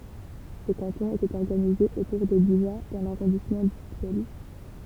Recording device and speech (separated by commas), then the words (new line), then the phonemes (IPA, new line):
temple vibration pickup, read sentence
Ce canton était organisé autour de Bugeat dans l'arrondissement d'Ussel.
sə kɑ̃tɔ̃ etɛt ɔʁɡanize otuʁ də byʒa dɑ̃ laʁɔ̃dismɑ̃ dysɛl